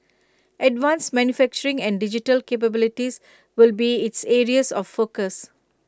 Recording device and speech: close-talking microphone (WH20), read sentence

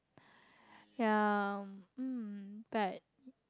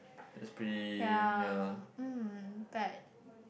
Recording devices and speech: close-talking microphone, boundary microphone, conversation in the same room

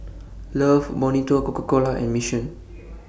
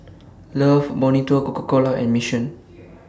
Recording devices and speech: boundary microphone (BM630), standing microphone (AKG C214), read sentence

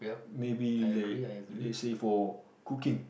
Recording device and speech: boundary microphone, conversation in the same room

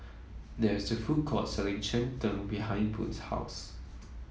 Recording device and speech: mobile phone (iPhone 7), read sentence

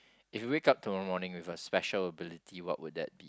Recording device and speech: close-talking microphone, conversation in the same room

